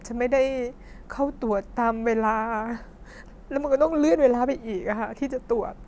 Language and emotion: Thai, sad